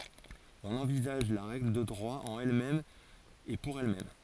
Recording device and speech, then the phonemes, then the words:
forehead accelerometer, read sentence
ɔ̃n ɑ̃vizaʒ la ʁɛɡl də dʁwa ɑ̃n ɛl mɛm e puʁ ɛl mɛm
On envisage la règle de droit en elle-même et pour elle-même.

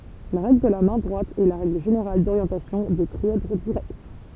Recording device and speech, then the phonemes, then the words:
temple vibration pickup, read sentence
la ʁɛɡl də la mɛ̃ dʁwat ɛ la ʁɛɡl ʒeneʁal doʁjɑ̃tasjɔ̃ de tʁiɛdʁ diʁɛkt
La règle de la main droite est la règle générale d'orientation des trièdres directs.

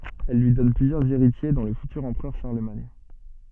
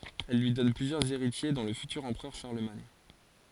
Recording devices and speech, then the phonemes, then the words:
soft in-ear microphone, forehead accelerometer, read sentence
ɛl lyi dɔn plyzjœʁz eʁitje dɔ̃ lə fytyʁ ɑ̃pʁœʁ ʃaʁləmaɲ
Elle lui donne plusieurs héritiers dont le futur empereur Charlemagne.

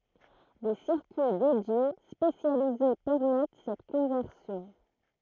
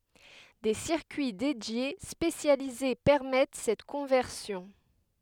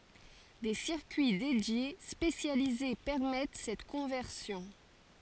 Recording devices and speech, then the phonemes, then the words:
throat microphone, headset microphone, forehead accelerometer, read sentence
de siʁkyi dedje spesjalize pɛʁmɛt sɛt kɔ̃vɛʁsjɔ̃
Des circuits dédiés spécialisés permettent cette conversion.

